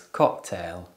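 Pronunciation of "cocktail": In 'cocktail', the k and t sounds overlap: the k is not released and blends into the t.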